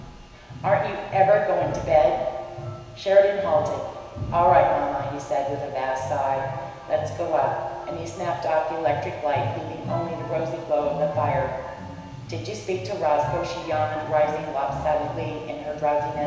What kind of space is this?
A large and very echoey room.